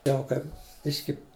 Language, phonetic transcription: Lithuanian, ˈjau kaip ˈbiški

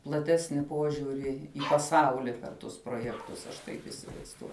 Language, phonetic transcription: Lithuanian, plaˈtesni ˈpuožiuri i paˈsauli per ˈtus proˈjektus aš ˈtaip isivaizˈduoju

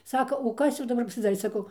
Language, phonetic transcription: Lithuanian, ˈsaka o ˈkas jau daˈbar pasiˈdarė saˈkau

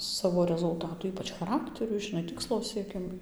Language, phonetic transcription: Lithuanian, ˈsavo rezulˈtatų ˈypač chaˈrakteriu žiˈnai ˈtikslo sieˈkimui

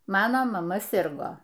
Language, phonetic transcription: Lithuanian, ˈmano maˈma ˈsirgo

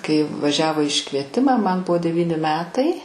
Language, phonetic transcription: Lithuanian, kai vaˈžiavo i iškvieˈtima man ˈbuvo deˈvyni ˈmetai

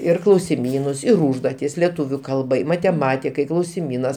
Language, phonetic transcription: Lithuanian, ir klausiˈmynus ir ˈūžduotis leˈtūviu ˈkalbai mateˈmatikai klausiˈmynas

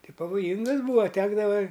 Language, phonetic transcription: Lithuanian, ˈti pavoˈjyngas ˈbūa ˈtekdava

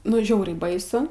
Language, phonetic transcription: Lithuanian, ˈnu ˈžiauriai ˈbaisu

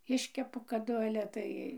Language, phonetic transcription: Lithuanian, ˈiškepu kaˈdu ale ˈtai

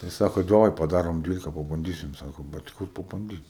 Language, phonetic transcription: Lithuanian, tai ˈsako daˈvai paˈdarom ˈdvylika pabanˈdysim ˈsako ˈbet ˈkur pabanˈdyt

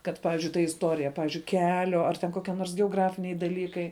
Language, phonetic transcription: Lithuanian, kad ˈpavizdžiui ta isˈtorija ˈpavyzdžiui ˈkelio ar ten ˈkokie nors geoˈgrafiniai daˈlykai

